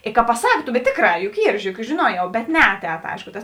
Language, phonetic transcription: Lithuanian, i ka paˈsak bet ˈtėkˌrā juk ˈyr žiuˈriek juk žiˈnuojau bet ˈneaˌtēt ˈaišku tas

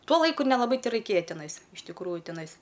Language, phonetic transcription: Lithuanian, ˈtuo ˈlaiku nelaˈbai teraiˈkėja tiˈnais iš tikˈrųju tiˈnais

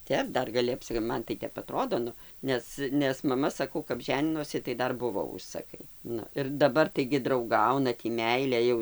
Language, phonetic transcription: Lithuanian, ˈtep ˈdar gaˈli apˈsi ˈman tai ˈtep aˈtrodo ˈnu ˈnes nes maˈma saˈkau kap ˈženinosi tai ˈdar ˈbuvo ˈužsakai ˈnu ir daˈbar taigi drauˈgauna ˈtį ˈmeilė jau

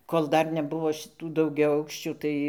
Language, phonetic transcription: Lithuanian, kol ˈdar neˈbuvo šiˈtų daugiaˈaukščių ˈtai

